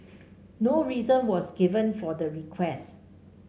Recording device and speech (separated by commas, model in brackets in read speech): mobile phone (Samsung C5), read sentence